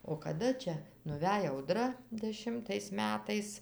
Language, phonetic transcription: Lithuanian, o kaˈda ˈčia nuˈvej auˈdra deˈšimtais ˈmetais

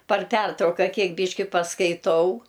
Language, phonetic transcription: Lithuanian, par ˈpertrauka ˈkiek ˈbyški paskaiˈtau

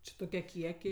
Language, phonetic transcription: Lithuanian, ˈči toˈkie ˈkiekiai

